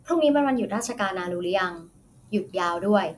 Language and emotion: Thai, neutral